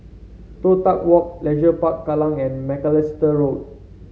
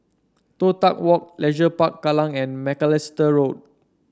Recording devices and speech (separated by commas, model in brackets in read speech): mobile phone (Samsung C7), standing microphone (AKG C214), read sentence